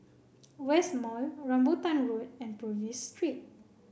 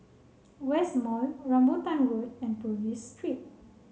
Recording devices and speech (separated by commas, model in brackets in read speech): boundary microphone (BM630), mobile phone (Samsung C7), read sentence